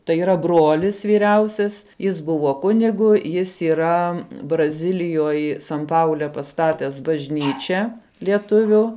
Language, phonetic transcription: Lithuanian, tai yˈra ˈbrolis vyˈriausias jis ˈbuvo ˈkunigu ˈjis yˈra braˈzilijoj san ˈpaule paˈstates bažˈnyčia lieˈtuviu

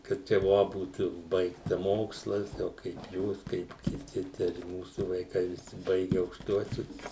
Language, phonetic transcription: Lithuanian, kaip ˈčia ˈvo ˈbūt ˈbaigta ˈmokslas ˈjau kaip ˈjūs kaip kiˈti ten i ˈmūsu vaiˈkai viˈsi ˈbaige aukšˈtuosius

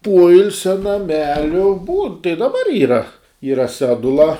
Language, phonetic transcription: Lithuanian, ˈpoilsia naˈmeliu būn tai daˈbar ˈyra ˈyra ˈsedula

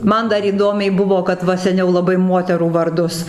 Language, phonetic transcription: Lithuanian, ˈman dar įˈdomiai ˈbuvo kad ˈva seˈniau laˈbai ˈmuoterų varˈdus

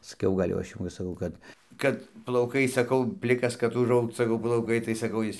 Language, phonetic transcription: Lithuanian, saˈkiau ˈgal' jau ˈaš jau va saˈkau ˈkad ˈkad plauˈkai saˈkau ˈplikas kad užˈaugt saˈkau plauˈkai tai saˈkau ˈjis

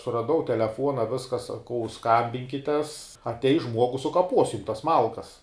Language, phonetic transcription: Lithuanian, suraˈdau teleˈfuona ˈviska saˈkau skambinkites atˈeis ˈžmuogus sukaˈpos jum tas ˈmalkas

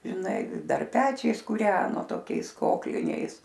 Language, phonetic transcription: Lithuanian, žiˈnai ˈdar ˈpečiais kūˈreno toˈkiais ˈkokliniais

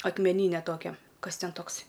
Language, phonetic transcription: Lithuanian, akmeˈnyne ˈtokia ˈkas ˈten ˈtoks'

